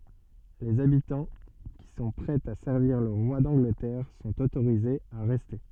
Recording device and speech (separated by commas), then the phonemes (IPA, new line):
soft in-ear microphone, read sentence
lez abitɑ̃ ki sɔ̃ pʁɛz a sɛʁviʁ lə ʁwa dɑ̃ɡlətɛʁ sɔ̃t otoʁizez a ʁɛste